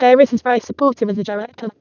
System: VC, vocoder